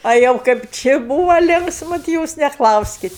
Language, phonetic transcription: Lithuanian, a ˈjau kaip ˈči ˈbūva ˈlinksmu ti ˈjūs neˈklauskit

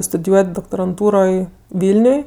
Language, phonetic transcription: Lithuanian, studiˈjuot' doktoranˈtūroj ˈvilniuj

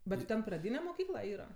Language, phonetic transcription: Lithuanian, bet ti ˈten praˈdyne moˈkykla ˈyra

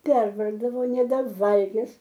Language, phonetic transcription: Lithuanian, ˈpervargdavo nebeˈvalgis

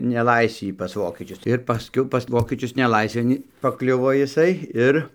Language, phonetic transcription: Lithuanian, neˈlaisvį pas ˈvokečius ir pasˈkiau pas ˈvokečius neˈlaisvėn paˈkliuvo jiˈsai ˈir

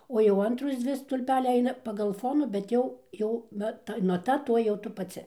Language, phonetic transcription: Lithuanian, ˈo jau ˈantros ˈdzvi stulˈpeliai ˈaina pagal ˈfonų bet ˈjau ˈjau ˈva ˈta naˈta ˈtoj jau ˈtu paˈci

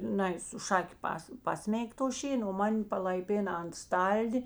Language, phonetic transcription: Lithuanian, ˈnai su ˈšaki ˈpas ˈpasmeig to ˈšėno o ˈman' palaiˈpėna ant ˈstaldi

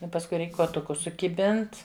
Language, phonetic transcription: Lithuanian, i pasˈkui ˈreik kuoˈtukus sukiˈbint

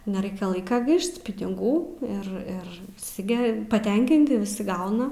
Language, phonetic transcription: Lithuanian, neˈraikia ˈlaika ˈgaišt piniˈgų ir ˈir viˈsi ˈge paˈtenkinti viˈsi ˈgauna

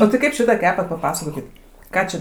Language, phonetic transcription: Lithuanian, o ti ˈkaip ˈšitą ˈkepat paˈpasakokit ˈką čia

